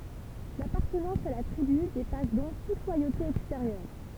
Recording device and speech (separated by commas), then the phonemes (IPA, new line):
temple vibration pickup, read sentence
lapaʁtənɑ̃s a la tʁiby depas dɔ̃k tut lwajote ɛksteʁjœʁ